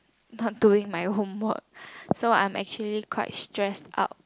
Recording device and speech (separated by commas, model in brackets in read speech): close-talking microphone, conversation in the same room